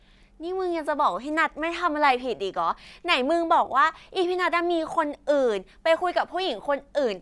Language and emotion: Thai, angry